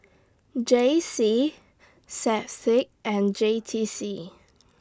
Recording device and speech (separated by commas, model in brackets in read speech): standing microphone (AKG C214), read sentence